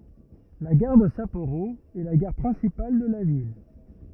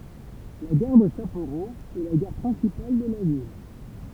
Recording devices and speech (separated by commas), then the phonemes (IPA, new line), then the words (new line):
rigid in-ear microphone, temple vibration pickup, read sentence
la ɡaʁ də sapoʁo ɛ la ɡaʁ pʁɛ̃sipal də la vil
La gare de Sapporo est la gare principale de la ville.